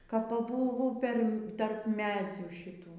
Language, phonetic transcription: Lithuanian, kap paˈbūvu ˈper tarp ˈmedzių šiˈtų

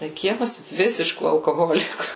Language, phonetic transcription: Lithuanian, tai ˈkiemas ˈvisiškų alkoˈholikų

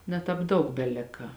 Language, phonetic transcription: Lithuanian, ne ˈtāp ˈdaug beˈlika

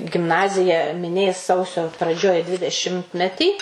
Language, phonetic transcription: Lithuanian, gimˈnazija miˈnės ˈsausio praˈdžioj dvideˈšimtmetį

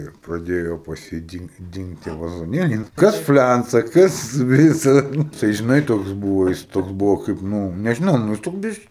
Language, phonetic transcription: Lithuanian, ir praˈdėjo pas ˈjį ˈdin ˈdingt tie vazoˈnėliai ˈnu ˈkas ˈflænca ˈkas ˈvisa ˈnu tai žiˈnai ˈtoks ˈbūvo ˈjis ˈtoks ˈbuvo kaip ˈnu nežiˈnau ˈnu ˈjis ˈtoks ˈbisk

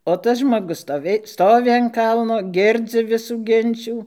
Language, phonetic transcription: Lithuanian, o ˈtas žmoˈgus stoˈvėj ˈstovi an ˈkalno ˈgirdzi ˈvisų ˈginčių

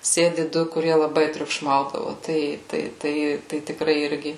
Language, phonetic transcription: Lithuanian, ˈsėdi ˈdu kuˈrie laˈbai triukˈšmaudavo ˈtai ˈtai ˈtai ˈtai tiˈkrai ˈirgi

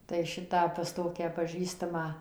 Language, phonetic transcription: Lithuanian, tai ˈšitą pas ˈtokią paˈžįstamą

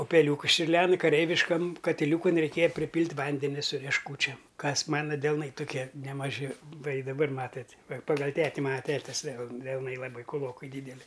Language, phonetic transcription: Lithuanian, upeˈliūkus čiurˈlen kaˈreiviškam katiˈliūkun reiˈkėja priˈpylt' ˈvandeni su riešˈkūčiam ˈkas ˈmana delˈnai tuˈkie nemaˈži ˈva i daˈbar ˈmatat' va paˈgal ˈteti ˈmana ˈtetis del delˈnai laˈbai kuˈlokai ˈdydeli

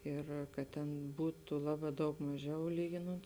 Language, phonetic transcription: Lithuanian, ˈir kad ˈten ˈbūtu ˈlaˌbā daug maˈžiau ˈlyginont

